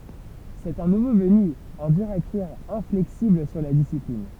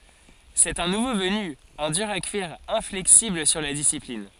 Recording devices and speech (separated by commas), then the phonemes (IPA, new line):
temple vibration pickup, forehead accelerometer, read sentence
sɛt œ̃ nuvo vəny œ̃ dyʁ a kyiʁ ɛ̃flɛksibl syʁ la disiplin